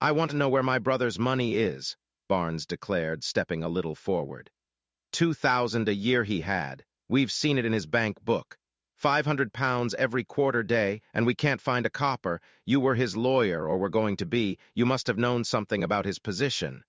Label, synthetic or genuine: synthetic